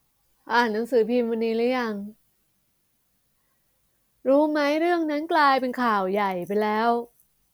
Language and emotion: Thai, frustrated